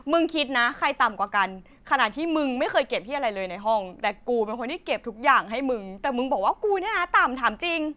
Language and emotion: Thai, angry